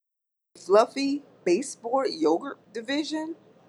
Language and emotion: English, disgusted